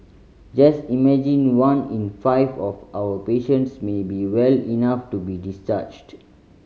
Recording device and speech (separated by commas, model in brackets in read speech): mobile phone (Samsung C5010), read sentence